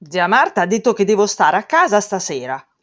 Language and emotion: Italian, angry